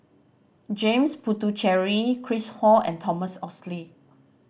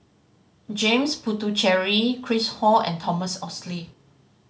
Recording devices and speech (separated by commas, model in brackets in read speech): boundary microphone (BM630), mobile phone (Samsung C5010), read sentence